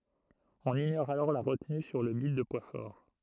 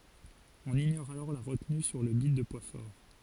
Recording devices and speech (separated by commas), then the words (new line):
throat microphone, forehead accelerometer, read sentence
On ignore alors la retenue sur le bit de poids fort.